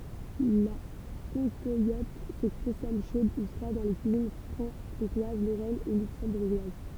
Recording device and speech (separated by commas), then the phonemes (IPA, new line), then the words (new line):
temple vibration pickup, read sentence
la kɑ̃kwalɔt sə kɔ̃sɔm ʃod u fʁwad dɑ̃ le kyizin fʁɑ̃kɔ̃twaz loʁɛn e lyksɑ̃buʁʒwaz
La cancoillotte se consomme chaude ou froide dans les cuisines franc-comtoise, lorraine, et luxembourgeoise.